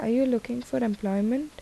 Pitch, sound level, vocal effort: 240 Hz, 77 dB SPL, soft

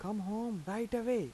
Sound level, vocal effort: 85 dB SPL, soft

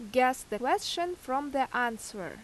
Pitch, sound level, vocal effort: 255 Hz, 86 dB SPL, loud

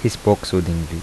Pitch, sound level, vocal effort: 95 Hz, 78 dB SPL, soft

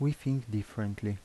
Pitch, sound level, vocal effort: 110 Hz, 78 dB SPL, soft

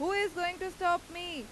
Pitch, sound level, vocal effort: 350 Hz, 96 dB SPL, very loud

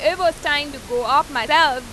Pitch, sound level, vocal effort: 290 Hz, 98 dB SPL, loud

